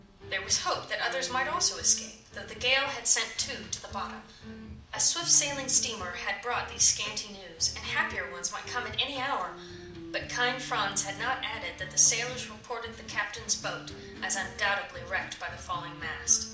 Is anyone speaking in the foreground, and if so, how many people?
One person.